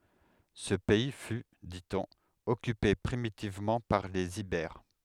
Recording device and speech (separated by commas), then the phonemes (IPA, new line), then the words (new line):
headset microphone, read sentence
sə pɛi fy di ɔ̃n ɔkype pʁimitivmɑ̃ paʁ lez ibɛʁ
Ce pays fut, dit-on, occupé primitivement par les Ibères.